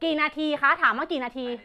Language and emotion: Thai, angry